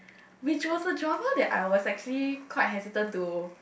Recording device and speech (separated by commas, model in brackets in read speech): boundary microphone, conversation in the same room